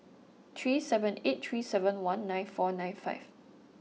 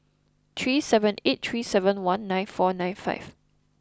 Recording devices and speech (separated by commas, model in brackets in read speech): mobile phone (iPhone 6), close-talking microphone (WH20), read sentence